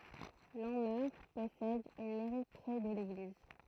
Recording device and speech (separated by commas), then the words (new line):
throat microphone, read sentence
Lanmeur possède une mairie près de l'église.